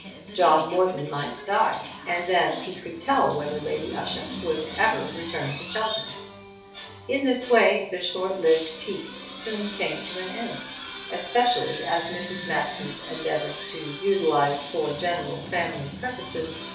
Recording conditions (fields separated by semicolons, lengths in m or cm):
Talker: one person; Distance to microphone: 3.0 m; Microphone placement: far; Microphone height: 1.8 m; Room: small (3.7 m by 2.7 m); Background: television